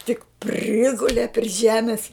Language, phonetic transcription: Lithuanian, tik ˈprigule pri ˈžemis

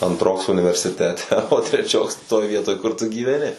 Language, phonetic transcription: Lithuanian, antˈroks universiˈtete o treˈčioks toj ˈvietoj ˈkur tu gyveˈni

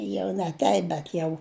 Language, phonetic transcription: Lithuanian, ˈjau ne ˈteip bet ˈjau

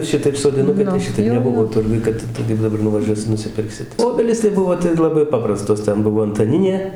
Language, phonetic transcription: Lithuanian, ˈšitaip sodiˈnukai tai ˈšitaip neˈbuvo ˈturguj ˈkad tai kaip daˈbar nuvaˈžiuosi nusiˈpirksi ˈobelys tai ˈbuvo tai laˈbai ˈpaprastos ˈten ˈbuvo antaˈninė

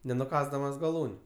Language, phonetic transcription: Lithuanian, nenuˈkąsdamas gaˈlūniu

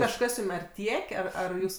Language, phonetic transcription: Lithuanian, kažˈkas ˈjūm ar ˈtiek' ˈar ar ˈjūs

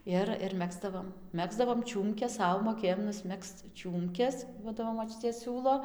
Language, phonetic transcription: Lithuanian, ˈir ir ˈmegzdavom ˈmegzdavom ˈčiūmkes ˈsau moˈkėjom nusˈmegzc ˈčiūmkes ˈduodavo moˈčiutė ˈsiūlo

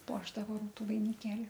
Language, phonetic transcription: Lithuanian, ˈpuošdavo ˈrūtu vainiˈkėli

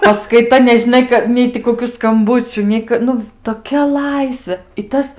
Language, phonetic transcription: Lithuanian, paskaiˈta nežiˈnai ka ˈnei ti kokiu skamˈbučių ˈnei k ˈnu toˈkia ˈlaisvė i ˈtas

